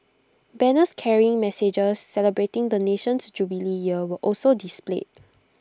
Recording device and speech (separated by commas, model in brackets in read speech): close-talking microphone (WH20), read sentence